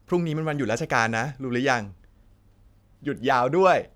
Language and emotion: Thai, happy